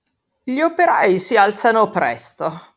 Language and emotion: Italian, disgusted